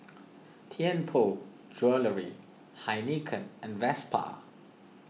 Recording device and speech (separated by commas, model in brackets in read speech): mobile phone (iPhone 6), read sentence